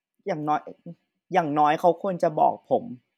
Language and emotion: Thai, sad